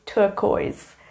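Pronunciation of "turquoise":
'Turquoise' is pronounced correctly here.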